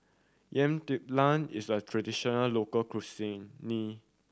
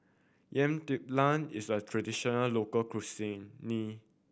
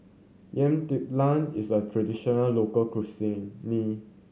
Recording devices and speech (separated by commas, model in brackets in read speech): standing microphone (AKG C214), boundary microphone (BM630), mobile phone (Samsung C7100), read sentence